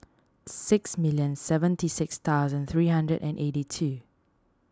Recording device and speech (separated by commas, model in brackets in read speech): standing microphone (AKG C214), read sentence